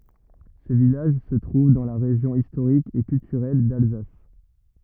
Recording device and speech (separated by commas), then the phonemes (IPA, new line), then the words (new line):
rigid in-ear microphone, read sentence
sə vilaʒ sə tʁuv dɑ̃ la ʁeʒjɔ̃ istoʁik e kyltyʁɛl dalzas
Ce village se trouve dans la région historique et culturelle d'Alsace.